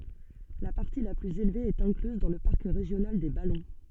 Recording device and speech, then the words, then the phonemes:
soft in-ear microphone, read sentence
La partie la plus élevée est incluse dans le parc régional des Ballons.
la paʁti la plyz elve ɛt ɛ̃klyz dɑ̃ lə paʁk ʁeʒjonal de balɔ̃

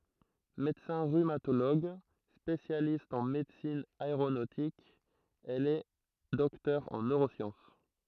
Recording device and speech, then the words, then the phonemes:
throat microphone, read sentence
Médecin rhumatologue, spécialiste en médecine aéronautique, elle est docteur en neurosciences.
medəsɛ̃ ʁymatoloɡ spesjalist ɑ̃ medəsin aeʁonotik ɛl ɛ dɔktœʁ ɑ̃ nøʁosjɑ̃s

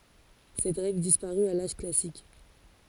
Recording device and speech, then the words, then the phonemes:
forehead accelerometer, read sentence
Cette règle disparut à l'âge classique.
sɛt ʁɛɡl dispaʁy a laʒ klasik

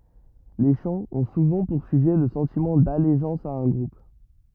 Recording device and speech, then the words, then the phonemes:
rigid in-ear microphone, read sentence
Les chants ont souvent pour sujet le sentiment d'allégeance à un groupe.
le ʃɑ̃z ɔ̃ suvɑ̃ puʁ syʒɛ lə sɑ̃timɑ̃ daleʒɑ̃s a œ̃ ɡʁup

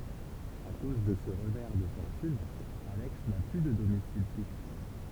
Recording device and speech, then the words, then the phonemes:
temple vibration pickup, read sentence
À cause de ce revers de fortune, Alex n'a plus de domicile fixe.
a koz də sə ʁəvɛʁ də fɔʁtyn alɛks na ply də domisil fiks

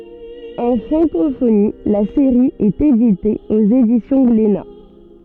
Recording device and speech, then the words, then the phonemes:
soft in-ear microphone, read sentence
En francophonie, la série est éditée aux éditions Glénat.
ɑ̃ fʁɑ̃kofoni la seʁi ɛt edite oz edisjɔ̃ ɡlena

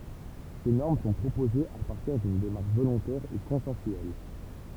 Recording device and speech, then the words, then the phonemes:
temple vibration pickup, read sentence
Ces normes sont proposées à partir d’une démarche volontaire et consensuelle.
se nɔʁm sɔ̃ pʁopozez a paʁtiʁ dyn demaʁʃ volɔ̃tɛʁ e kɔ̃sɑ̃syɛl

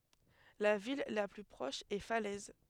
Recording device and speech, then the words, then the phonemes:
headset microphone, read sentence
La ville la plus proche est Falaise.
la vil la ply pʁɔʃ ɛ falɛz

